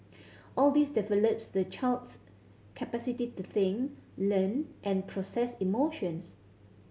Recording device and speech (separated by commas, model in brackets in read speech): mobile phone (Samsung C7100), read sentence